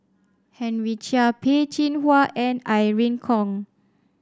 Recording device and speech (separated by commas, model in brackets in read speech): standing microphone (AKG C214), read sentence